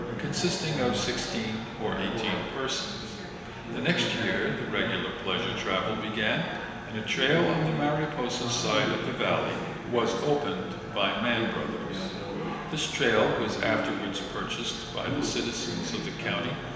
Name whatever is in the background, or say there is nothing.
Crowd babble.